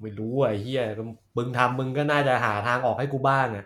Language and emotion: Thai, frustrated